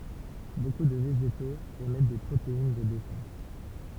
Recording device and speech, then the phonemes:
temple vibration pickup, read sentence
boku də veʒetoz emɛt de pʁotein də defɑ̃s

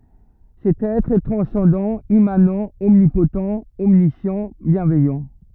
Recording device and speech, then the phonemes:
rigid in-ear microphone, read sentence
sɛt ɛtʁ ɛ tʁɑ̃sɑ̃dɑ̃ immanɑ̃ ɔmnipott ɔmnisjɑ̃ bjɛ̃vɛjɑ̃

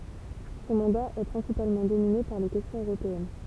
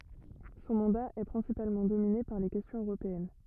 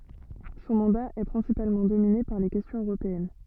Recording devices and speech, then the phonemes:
temple vibration pickup, rigid in-ear microphone, soft in-ear microphone, read sentence
sɔ̃ mɑ̃da ɛ pʁɛ̃sipalmɑ̃ domine paʁ le kɛstjɔ̃z øʁopeɛn

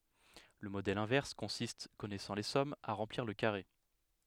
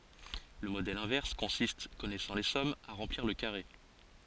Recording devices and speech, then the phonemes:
headset microphone, forehead accelerometer, read sentence
lə modɛl ɛ̃vɛʁs kɔ̃sist kɔnɛsɑ̃ le sɔmz a ʁɑ̃pliʁ lə kaʁe

